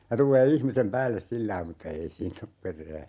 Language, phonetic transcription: Finnish, ja 'tul̆lee "ihmisem 'päälles 'sillai mutta 'ei "siin ‿op 'per̆rää .
- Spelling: ja tulee ihmisen päälle sillä lailla mutta ei siinä ole perää

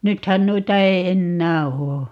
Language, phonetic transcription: Finnish, 'nythän 'nuita 'ei̮ "ennää 'oo .
- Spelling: nythän noita ei enää ole

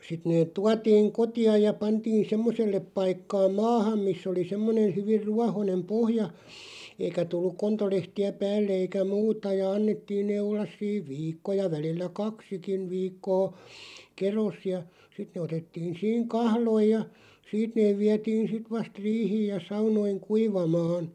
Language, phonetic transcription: Finnish, 'sit neeᵗ 'tuatiiŋ "koti₍aj ja 'pantiin "semmosellep 'paikkaa "maaham 'miss ‿oli 'semmonen̬ 'hyvir "ruahonem 'pohja , 'eikä tulluᵏ 'kontolehti₍ä "päällᵉ eikä "muuta ja 'annettiin nee 'ollas 'siiv "viikko ja 'välillä "kaksikin̳§ 'viikkoo , "keros , ja 'sit ne otettiin̬ 'siiŋ "kahloiʲ ja , "siit neeᵛ 'viɛtiin 'sit 'vast "riihiij ja 'saunoiŋ "kuivamaan ,.
- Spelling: sitten ne tuotiin kotiin ja pantiin semmoiselle paikkaa maahan missä oli semmoinen hyvin ruohoinen pohja eikä tullut kontolehtiä päälle eikä muuta ja annettiin ne olla siinä viikko ja välillä kaksikin viikkoa kedossa ja sitten ne otettiin siinä kahloihin ja siitä ne vietiin sitten vasta riihiin ja saunoihin kuivamaan

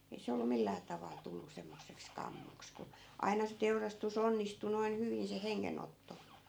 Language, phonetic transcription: Finnish, 'ei se ollu 'millää taval 'tullu semmosseks "kammoks ku , 'ai̮na se 'teurastus 'onnistu noin 'hyvin se "heŋŋenotto .
- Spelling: ei se ollut millään tavalla tullut semmoiseksi kammoksi kun aina se teurastus onnistui noin hyvin se hengenotto

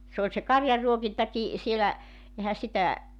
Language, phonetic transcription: Finnish, 's ‿ooĺ se "karjarruokintaki , 'sielä , 'ehä sitä ,.
- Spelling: se oli se karjanruokintakin siellä eihän sitä

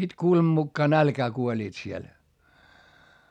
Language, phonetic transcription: Finnish, ja sit kuulem(am) mukkaa nälkää kuoĺiit siel .
- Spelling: ja sitten kuuleman mukaan nälkään kuolivat siellä

